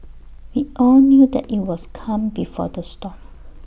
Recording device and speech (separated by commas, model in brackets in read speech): boundary microphone (BM630), read sentence